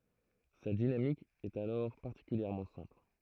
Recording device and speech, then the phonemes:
throat microphone, read sentence
sa dinamik ɛt alɔʁ paʁtikyljɛʁmɑ̃ sɛ̃pl

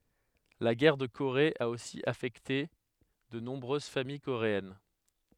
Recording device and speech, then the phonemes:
headset microphone, read sentence
la ɡɛʁ də koʁe a osi afɛkte də nɔ̃bʁøz famij koʁeɛn

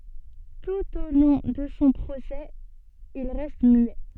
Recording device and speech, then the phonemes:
soft in-ear microphone, read sentence
tut o lɔ̃ də sɔ̃ pʁosɛ il ʁɛst myɛ

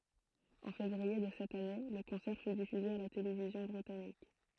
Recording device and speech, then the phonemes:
throat microphone, read sentence
ɑ̃ fevʁie də sɛt ane lə kɔ̃sɛʁ fy difyze a la televizjɔ̃ bʁitanik

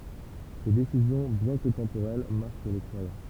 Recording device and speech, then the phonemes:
temple vibration pickup, read sentence
se desizjɔ̃ bjɛ̃ kə tɑ̃poʁɛl maʁk le kʁwajɑ̃

